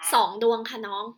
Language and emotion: Thai, neutral